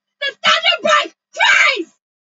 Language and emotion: English, angry